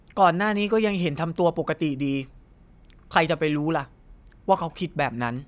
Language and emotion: Thai, neutral